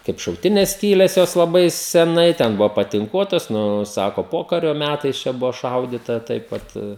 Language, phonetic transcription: Lithuanian, kaip šauˈtines ˈskyles ˈjos laˈbai seˈnai ten ˈbuvo patinˈkuotas ˈnu ˈsako ˈpokario ˈmætais čia ˈbuvo ˈšaudyta ˈtaip vat

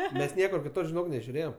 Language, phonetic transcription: Lithuanian, ˈmes ˈniekur kiˈtur žiˈnok nežiuˈrėjem

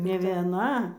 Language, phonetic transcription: Lithuanian, ne vieˈna

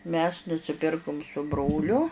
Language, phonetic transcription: Lithuanian, mes nusiˈpirkum su ˈbroliu

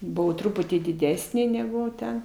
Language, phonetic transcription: Lithuanian, ˈbuvau ˈtruputį diˈdesnė negu ˈten

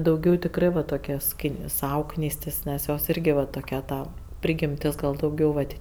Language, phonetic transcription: Lithuanian, dauˈgiau tikˈrɜ va toˈkia ˈski ˈsau ˈknystis ˈnes ˈjos ˈyrgi va toˈkia ˈta ˈprigimtis ˈgal dauˈgiau vat

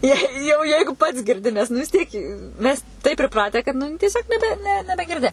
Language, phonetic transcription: Lithuanian, ˈjei jau ˈjeigu pats girˈdi nes nu vis ˈtiek i ˈmes taip priˈpratę kad ˈnu tieˈsiog neˈbe ne nebegirˈdi

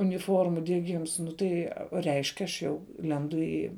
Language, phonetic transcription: Lithuanian, uniˈformų dieˈgims ˈnu tai reišk' aš ˈjau ˈlendu į

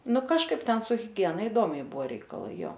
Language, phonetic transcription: Lithuanian, ˈnu kažˈkaip ˈten su hiˈgiena iˈdomiai ˈbuvo reikaˈlai ˈjo

